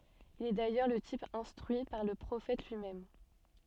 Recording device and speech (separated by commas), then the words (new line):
soft in-ear microphone, read sentence
Il est d’ailleurs le type instruit par le Prophète lui-même.